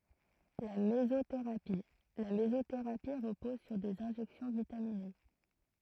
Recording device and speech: throat microphone, read sentence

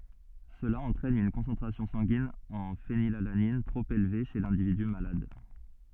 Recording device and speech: soft in-ear microphone, read sentence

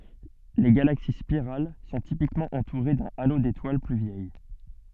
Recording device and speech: soft in-ear microphone, read sentence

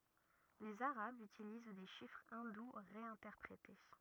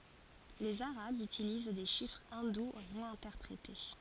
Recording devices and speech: rigid in-ear microphone, forehead accelerometer, read sentence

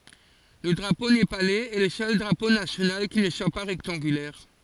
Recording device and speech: forehead accelerometer, read sentence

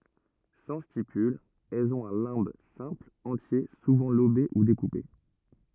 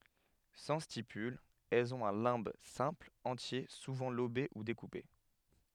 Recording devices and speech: rigid in-ear microphone, headset microphone, read sentence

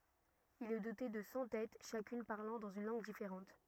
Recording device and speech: rigid in-ear microphone, read sentence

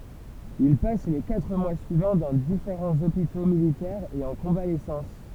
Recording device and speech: temple vibration pickup, read sentence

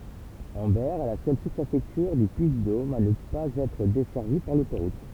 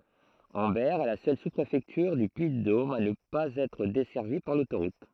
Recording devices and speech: temple vibration pickup, throat microphone, read sentence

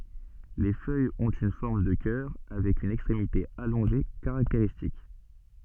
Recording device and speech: soft in-ear microphone, read sentence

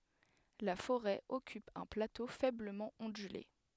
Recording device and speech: headset microphone, read sentence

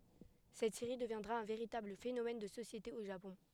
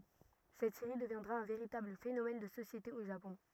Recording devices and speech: headset microphone, rigid in-ear microphone, read sentence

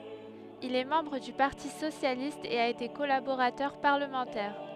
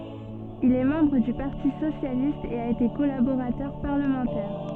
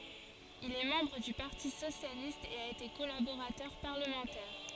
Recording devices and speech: headset microphone, soft in-ear microphone, forehead accelerometer, read sentence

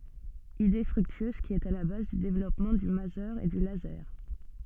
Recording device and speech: soft in-ear microphone, read sentence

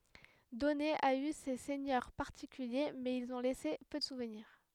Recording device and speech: headset microphone, read sentence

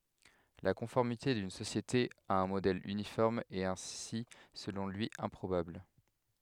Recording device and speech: headset microphone, read sentence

